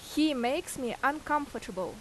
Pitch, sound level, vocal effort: 270 Hz, 87 dB SPL, very loud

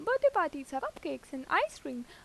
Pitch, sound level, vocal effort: 280 Hz, 88 dB SPL, normal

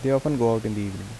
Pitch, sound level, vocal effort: 115 Hz, 81 dB SPL, soft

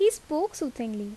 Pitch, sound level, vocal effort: 310 Hz, 81 dB SPL, normal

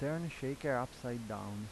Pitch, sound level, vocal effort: 125 Hz, 85 dB SPL, normal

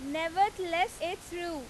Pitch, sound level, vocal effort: 345 Hz, 94 dB SPL, very loud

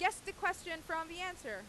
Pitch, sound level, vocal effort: 355 Hz, 96 dB SPL, very loud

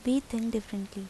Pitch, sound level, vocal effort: 225 Hz, 77 dB SPL, soft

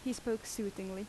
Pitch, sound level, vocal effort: 210 Hz, 80 dB SPL, normal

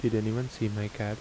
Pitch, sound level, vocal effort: 110 Hz, 77 dB SPL, soft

